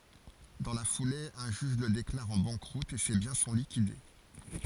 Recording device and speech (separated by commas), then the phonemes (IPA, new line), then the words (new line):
forehead accelerometer, read sentence
dɑ̃ la fule œ̃ ʒyʒ lə deklaʁ ɑ̃ bɑ̃kʁut e se bjɛ̃ sɔ̃ likide
Dans la foulée, un juge le déclare en banqueroute et ses biens sont liquidés.